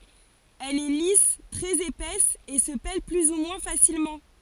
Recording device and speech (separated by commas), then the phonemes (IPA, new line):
forehead accelerometer, read sentence
ɛl ɛ lis tʁɛz epɛs e sə pɛl ply u mwɛ̃ fasilmɑ̃